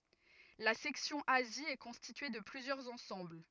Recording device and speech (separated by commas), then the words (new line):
rigid in-ear microphone, read sentence
La section Asie est constituée de plusieurs ensembles.